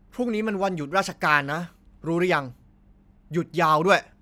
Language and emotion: Thai, angry